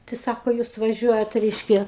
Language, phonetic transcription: Lithuanian, tai ˈsako ˈjūs vaˈžiuojat ˈreiškia

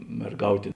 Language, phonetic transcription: Lithuanian, merˈgautė

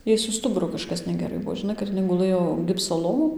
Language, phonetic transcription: Lithuanian, ˈjai su ˈstuburu kažˈkas negeˈrai ˈbuo žiˈnai kad iˈnai guˈlɘjo ˈgipso ˈlovon

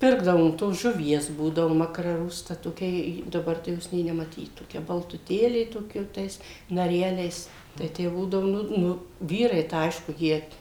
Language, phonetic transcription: Lithuanian, ˈpirkdavom tos žuˈvies ˈbūdavu makraˈrusta toˈkia ˈji daˈbar tai ˈjos nė nemaˈtyt toˈkia baltuˈtėlė ˈtoˈkia jau ˈtais naˈreliais tai ˈtę ˈbūdavu ˈnu ˈnu ˈvyrai tai ˈaišku ˈjie

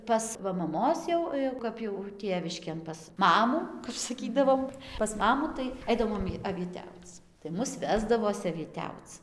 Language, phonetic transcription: Lithuanian, ˈpas va maˈmos jau jau ˈkap jau ˈtėviškėn pas ˈmamų kap saˈkydavom pas ˈmamų tai ˈaidavom avieˈtiauc tai ˈmus ˈvesdavos avieˈtiauc

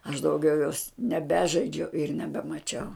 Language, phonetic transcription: Lithuanian, aš dauˈgiau jos neˈbežaidžiau ir nebemaˈčiau

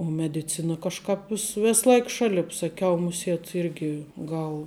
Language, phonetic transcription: Lithuanian, o mediˈcina kažˈkāp vis ˈvės ˈlaik ˈšalip saˈkiau muˈsiet ˈirgi ˈgal

